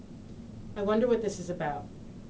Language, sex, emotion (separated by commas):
English, female, neutral